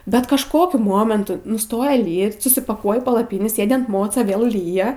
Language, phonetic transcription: Lithuanian, bet kažˈkokiu ˈmomentu nuˈstoja ˈlyt susipaˈkuoji palaˈpynį ˈsėdi an ˈmoca ˈvėl ˈlyja

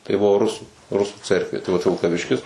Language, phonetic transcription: Lithuanian, tai ˈbuvo ˈrusų ˈrusų ˈcerkvė tai vat vilkaˈviškis

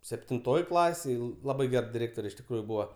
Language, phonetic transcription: Lithuanian, septinˈtoj ˈklasėj ˈlabai ˈger diˈrėktore iš tikˈrųju ˈbūva

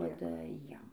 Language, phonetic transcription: Lithuanian, ˈduoda ˈjiem

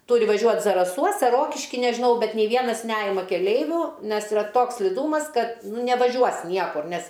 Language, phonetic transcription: Lithuanian, ˈturi vaˈžiuot zaraˈsuos ar ˈrokiški nežiˈnau ˈbet nė ˈvienas ˈnejima keˈleiviu ˈnes yˈra ˈtoks sliˈdūmas ˈkad nu nevaˈžiuos ˈniekur ˈnes

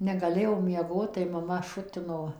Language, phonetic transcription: Lithuanian, negaˈlėjau mieˈgot tai maˈma ˈšutino

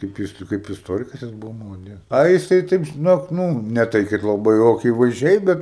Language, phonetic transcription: Lithuanian, kaip ˈjis tai ˈkaip isˈtorikas jis ˈbuvo malaˈdiec ˈa jiˈsai ˈtaip žiˈnok ˈnū ne ˈtai ˈkaip laˈbai jau akyvaizˈdžiai bet

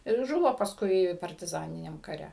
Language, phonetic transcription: Lithuanian, ir ˈžuvo pasˈkui partiˈzaniniam kaˈre

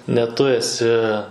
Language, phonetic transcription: Lithuanian, ne ˈtu eˈsi

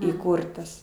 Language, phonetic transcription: Lithuanian, įˈkūrtas

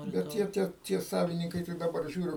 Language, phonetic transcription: Lithuanian, bet ˈtie ˈtie tie ˈsavininkai tai daˈbar ˈžiūriu

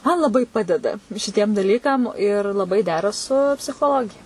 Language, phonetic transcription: Lithuanian, man laˈbai ˈpadeda šiˈtiem daˈlykam ir laˈbai ˈdera su psichoˈlogija

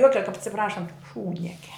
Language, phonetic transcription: Lithuanian, ˈjokia kap atsiˈprašant ˈšūdniekia

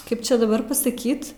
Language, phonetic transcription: Lithuanian, ˈkaip ˈčia daˈbar pasaˈkyt

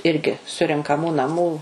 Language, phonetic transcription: Lithuanian, ˈirgi surenkaˈmų naˈmų

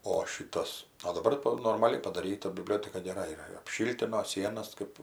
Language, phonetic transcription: Lithuanian, o ˈšytas o daˈbar to normaˈli padaˈryta biˈblioteka geˈra yˈra ir apˈšiltino ˈsienas kɜp

